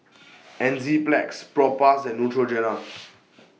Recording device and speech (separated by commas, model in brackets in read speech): mobile phone (iPhone 6), read sentence